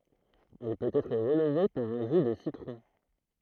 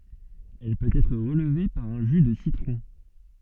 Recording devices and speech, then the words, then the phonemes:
throat microphone, soft in-ear microphone, read sentence
Elle peut être relevée par un jus de citron.
ɛl pøt ɛtʁ ʁəlve paʁ œ̃ ʒy də sitʁɔ̃

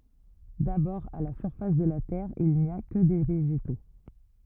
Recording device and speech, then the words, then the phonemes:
rigid in-ear microphone, read sentence
D’abord à la surface de la terre il n’y a que des végétaux.
dabɔʁ a la syʁfas də la tɛʁ il ni a kə de veʒeto

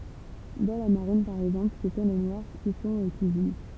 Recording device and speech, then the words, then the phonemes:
temple vibration pickup, read sentence
Dans la marine, par exemple, ce sont les Noirs qui sont aux cuisines.
dɑ̃ la maʁin paʁ ɛɡzɑ̃pl sə sɔ̃ le nwaʁ ki sɔ̃t o kyizin

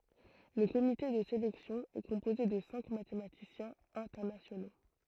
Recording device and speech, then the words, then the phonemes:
throat microphone, read sentence
Le comité de sélection est composé de cinq mathématiciens internationaux.
lə komite də selɛksjɔ̃ ɛ kɔ̃poze də sɛ̃k matematisjɛ̃z ɛ̃tɛʁnasjono

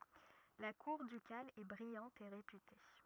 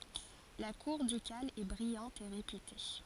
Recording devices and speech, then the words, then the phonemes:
rigid in-ear microphone, forehead accelerometer, read sentence
La cour ducale est brillante et réputée.
la kuʁ dykal ɛ bʁijɑ̃t e ʁepyte

